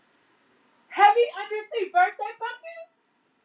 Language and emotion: English, surprised